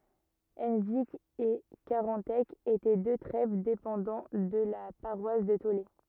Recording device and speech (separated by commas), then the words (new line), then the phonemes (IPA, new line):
rigid in-ear microphone, read sentence
Henvic et Carantec étaient deux trèves dépendant de la paroisse de Taulé.
ɑ̃vik e kaʁɑ̃tɛk etɛ dø tʁɛv depɑ̃dɑ̃ də la paʁwas də tole